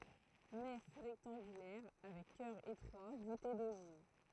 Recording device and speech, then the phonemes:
throat microphone, read sentence
nɛf ʁɛktɑ̃ɡylɛʁ avɛk kœʁ etʁwa vute doʒiv

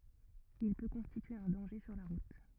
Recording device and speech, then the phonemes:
rigid in-ear microphone, read sentence
il pø kɔ̃stitye œ̃ dɑ̃ʒe syʁ la ʁut

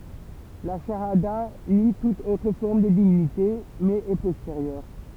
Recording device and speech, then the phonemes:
temple vibration pickup, read sentence
la ʃaada ni tut otʁ fɔʁm də divinite mɛz ɛ pɔsteʁjœʁ

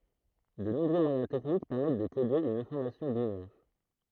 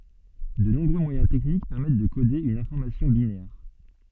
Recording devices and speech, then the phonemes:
throat microphone, soft in-ear microphone, read sentence
də nɔ̃bʁø mwajɛ̃ tɛknik pɛʁmɛt də kode yn ɛ̃fɔʁmasjɔ̃ binɛʁ

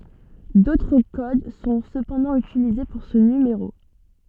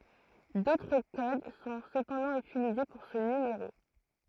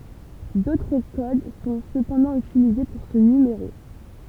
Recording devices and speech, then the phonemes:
soft in-ear microphone, throat microphone, temple vibration pickup, read sentence
dotʁ kod sɔ̃ səpɑ̃dɑ̃ ytilize puʁ sə nymeʁo

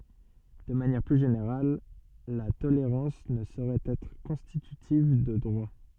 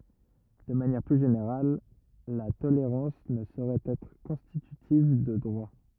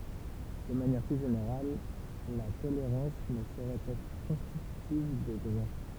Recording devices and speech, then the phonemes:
soft in-ear microphone, rigid in-ear microphone, temple vibration pickup, read sentence
də manjɛʁ ply ʒeneʁal la toleʁɑ̃s nə soʁɛt ɛtʁ kɔ̃stitytiv də dʁwa

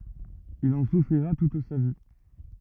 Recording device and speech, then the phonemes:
rigid in-ear microphone, read sentence
il ɑ̃ sufʁiʁa tut sa vi

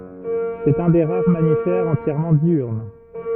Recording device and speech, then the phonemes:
rigid in-ear microphone, read sentence
sɛt œ̃ de ʁaʁ mamifɛʁz ɑ̃tjɛʁmɑ̃ djyʁn

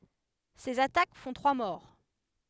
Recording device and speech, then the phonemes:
headset microphone, read sentence
sez atak fɔ̃ tʁwa mɔʁ

